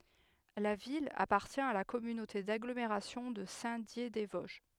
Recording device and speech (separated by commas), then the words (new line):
headset microphone, read sentence
La ville appartient à la communauté d'agglomération de Saint-Dié-des-Vosges.